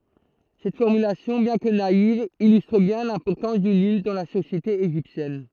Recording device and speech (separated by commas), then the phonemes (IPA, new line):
throat microphone, read sentence
sɛt fɔʁmylasjɔ̃ bjɛ̃ kə naiv ilystʁ bjɛ̃ lɛ̃pɔʁtɑ̃s dy nil dɑ̃ la sosjete eʒiptjɛn